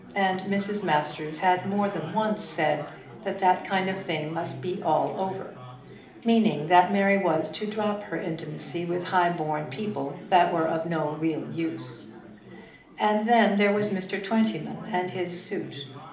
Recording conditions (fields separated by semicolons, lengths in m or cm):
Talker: one person; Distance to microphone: 2.0 m; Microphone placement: close; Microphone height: 99 cm; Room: medium-sized (5.7 m by 4.0 m); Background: babble